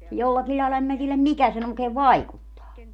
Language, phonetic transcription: Finnish, 'jollakil ĺaila 'em mä tieläm "mikä sen ‿oikeev "vaikuttaa .
- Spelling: jollakin lailla en minä tiedä mikä sen oikein vaikuttaa

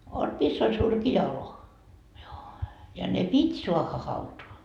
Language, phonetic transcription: Finnish, (on , miss ‿ol 'surkija olo.) joo , ja ne "pit́ soahha 'hautoa .
- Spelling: on missä oli surkea olo joo ja ne piti saada hautaan

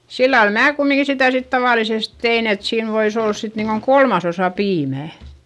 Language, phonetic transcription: Finnish, sillal mää kummiŋki sitä̀ sit tavàlises tein ‿et siin vois ‿ollas sit niiŋkoŋ kolmasosa piimä̀ .
- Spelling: sillä lailla minä kumminkin sitä sitten tavallisesti tein että siinä voisi olla sitten niin kuin kolmasosa piimää

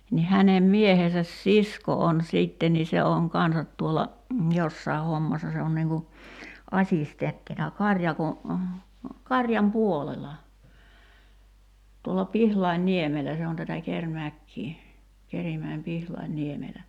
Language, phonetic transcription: Finnish, ni 'hänem 'miehesäs "sisko on 'sìtten ni 'se oŋ "kansat tuolla , "jossai̬ 'hommassa se on niiŋ ku 'aśistenttina 'kaŕjako , "kaŕjam 'puolela , tuolla 'Pihlain"niemelä se on tätä 'Ker'mäkkii , 'Kerimäim "Pihlain'niemelä .
- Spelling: niin hänen miehensä sisko on sitten niin se on kanssa tuolla jossakin hommassa se on niin kuin assistenttina karjakon karjan puolella tuolla Pihlainniemellä se on tätä Kerimäkeä Kerimäen Pihlainniemellä

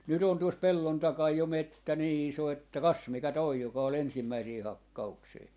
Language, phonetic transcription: Finnish, nyt ‿on tuos "pellon 'takaj 'jo "mettä 'nii 'iso että "kas mikä 'toi 'joka o"l ‿ensimmäisii "hakka₍uksii .
- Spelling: nyt on tuossa pellon takana jo metsä niin iso että kas mikä tuo joka oli ensimmäisiä hakkauksia

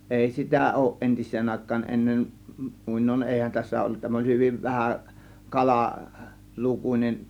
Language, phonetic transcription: Finnish, ˀèi 'sitä 'òŭˀ 'ˀentis̆seen àėk̆kaan , 'ˀennen , 'mùinoin 'ˀèihän tässä ollut tämä oĺ 'hyviv 'vähä , 'kala 'lukuńen .
- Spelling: ei sitä ole entiseen aikaan ennen muinoin eihän tässä ollut tämä oli hyvin vähä - kalalukuinen

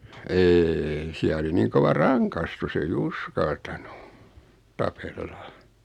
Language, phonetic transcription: Finnish, 'eei 'siä oli niiŋ 'kova "raŋkastus ‿ei "uskaltanu , 'tapella .
- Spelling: ei siellä oli niin kova rangaistus ei uskaltanut tapella

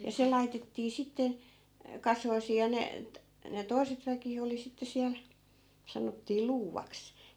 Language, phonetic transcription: Finnish, ja 'se laitettii 'sitte , 'kasoisii ja ne t- , ne "toi̮set väki 'oli sitte 'siäl , 'sanottii "luuvaks .
- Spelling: ja se laitettiin sitten kasoihin ja ne - ne toiset väki oli sitten siellä sanottiin luuvaksi

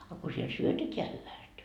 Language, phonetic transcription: Finnish, a ko siel "syöteteä hyväst .
- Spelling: a kun siellä syötetään hyvästi

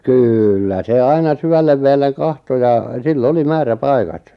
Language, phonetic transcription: Finnish, kŷllä 'se "aina 'syvällev veelleŋ 'kahto ja , 'sil"l ‿oli "määrä'paikat .
- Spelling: kyllä se aina syvälle vedelle katsoi ja sillä oli määräpaikat

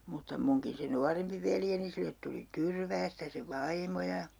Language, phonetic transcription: Finnish, mutta 'muŋkin se 'nuarempi veljeni 'sillet tuli "Tyrväästä se "vaimo ja ,.
- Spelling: mutta minunkin se nuorempi veljeni sille tuli Tyrväästä se vaimo ja

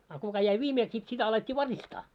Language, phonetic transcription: Finnish, a kuka jäi 'viimeeks sit sitä alet́t́ii 'varistaa .
- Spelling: a kuka jäi viimeksi sitten sitä alettiin varistaa

